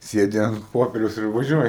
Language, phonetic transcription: Lithuanian, ˈsėdi ant ˈpoperiaus ir vaˈžiuoji

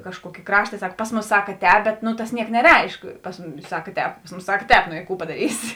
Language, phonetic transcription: Lithuanian, kažˈkuokė ˈkrašta ˈsak pas ˈmūsa ˈsakaˈtēp ˈbet nu tas ˈniek neˈreišk pas ˈmumis ˈsakaˈtēp pas ˈmūsa ˈsak ˈtēp no i ˈkų padaˈrysi

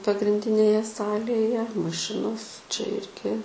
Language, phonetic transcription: Lithuanian, pagrinˈdinėje ˈsalėje maˈšinos čia ˈirgi

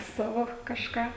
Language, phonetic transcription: Lithuanian, ˈsavo kažˈką

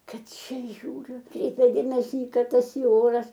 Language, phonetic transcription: Lithuanian, ˈkad ˈčia ˈžiūriu ˈkreipia ˈdėmesi i ˈkad ˈtas i ˈoras

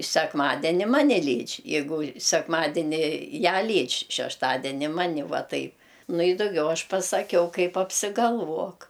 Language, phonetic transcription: Lithuanian, sekˈmadeni ˈmane ˈlydž' jeiˈgu sekˈmadeni ˈją ˈlydž' šešˈtadeni ˈmani ˈvaˈtaip ˈnu i duˈgiau ˈaš pasaˈkiau ˈkaip apsigalˈvuok

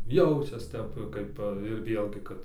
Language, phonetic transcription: Lithuanian, ˈjaučias ˈtep ˈkaip ir ˈvėlgi ˈkad

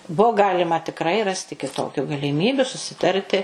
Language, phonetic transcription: Lithuanian, ˈbuu ˈgalima tikˈrai ˈrasti kiˈtokiu galiˈmybiu susiˈtarti

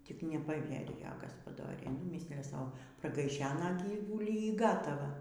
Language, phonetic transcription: Lithuanian, tik nepaˈvierijo gaspaˈdoriai nu ˈmislija ˈsau pragaiˈšena ˈgyvulį y ˈgatava

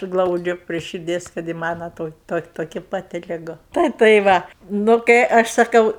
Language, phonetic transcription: Lithuanian, ˈglaudžiu prie širˈdies kad i ˈmana ˈtoki ˈtoki toˈki paˈti liˈgu ˈtai tai ˈva nu kai ˈaš saˈkau

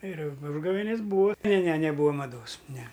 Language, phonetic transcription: Lithuanian, ir u ˈužgavėnis ˈbūa ne ne neˈbūa maˈdos ne

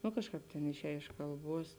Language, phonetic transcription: Lithuanian, nu ˈkažˌkāp ˈtėn išˈēj iš kalˈbuos

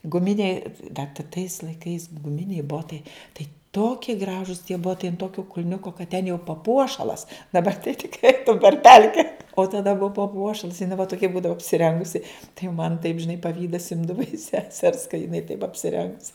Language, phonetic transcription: Lithuanian, guˈminiai da ta tais laiˈkais guˈminiai ˈbotai ˈtai ˈtokie ˈgražus tie ˈbotai ant ˈtokio kulˈniuko kad ten jau paˈpuošalas daˈbar tai tikˈrai ˈeitum per ˈpelke o taˈda ˈbuva paˈpuošals jiˈnai va toˈkia ˈbūdava apsiˈrengusi tai jau man taip žiˈnai paˈvydas ˈimdava iš seˈsers ka jiˈnai taip apsiˈrengs

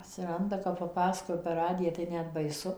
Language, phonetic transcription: Lithuanian, atsiˈranda kap paˈpasakoja per ˈradiją tai ˈnet baiˈsu

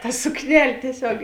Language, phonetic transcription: Lithuanian, ta sukˈnel' tieˈsiog

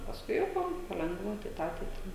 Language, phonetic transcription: Lithuanian, pasˈkui jau ˈpa paˈlengva tai ˈtą tai ˈtą

